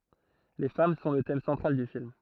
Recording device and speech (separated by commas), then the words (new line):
throat microphone, read sentence
Les femmes sont le thème central du film.